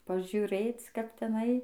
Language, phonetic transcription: Lithuanian, pažiuˈrėc kap teˈnai

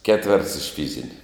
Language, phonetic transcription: Lithuanian, ˈketverts iš ˈfyzini

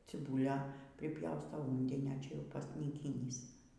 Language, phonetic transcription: Lithuanian, ciˈbūlia priˈpjaustau ˈūndinio ˈčia ˈjau pasnyˈkynys

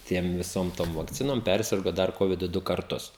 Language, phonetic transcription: Lithuanian, ˈtiem viˈsom ˈtom vakˈcinom ˈpersirgo ˈdar ˈkovidu ˈdu karˈtus

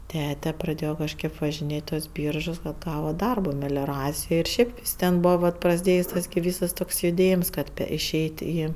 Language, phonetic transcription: Lithuanian, ˈtete praˈdėjo kažˈkėp važinˈėt' i tuos ˈbyržus kad ˈgava ˈdarbo melioˈracijoj ir ˈšiaip ˈis ten ˈbūva vat prasˈdėjs' ˈtas gi ˈvysas ˈtoks juˈdėjims ˈkad iˈšeit' ˈį

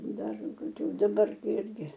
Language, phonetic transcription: Lithuanian, ˈdar koˈkių daˈbar ˈirgi

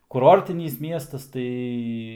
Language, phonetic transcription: Lithuanian, kuˈrortinys ˈmiestas ˈtai

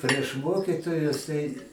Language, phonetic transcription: Lithuanian, prieš ˈmokitojus tai

